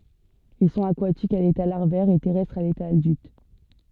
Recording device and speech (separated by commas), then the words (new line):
soft in-ear microphone, read sentence
Ils sont aquatiques à l'état larvaire et terrestres à l'état adulte.